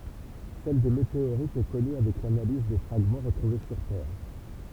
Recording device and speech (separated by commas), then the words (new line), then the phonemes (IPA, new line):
temple vibration pickup, read sentence
Celle des météorites est connue avec l'analyse des fragments retrouvés sur Terre.
sɛl de meteoʁitz ɛ kɔny avɛk lanaliz de fʁaɡmɑ̃ ʁətʁuve syʁ tɛʁ